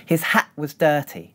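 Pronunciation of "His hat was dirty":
There is a glottal stop in 'hat', but there is none in 'dirty'.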